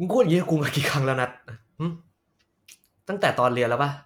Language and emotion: Thai, frustrated